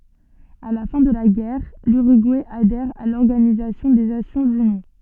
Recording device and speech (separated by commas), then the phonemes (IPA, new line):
soft in-ear microphone, read sentence
a la fɛ̃ də la ɡɛʁ lyʁyɡuɛ adɛʁ a lɔʁɡanizasjɔ̃ de nasjɔ̃z yni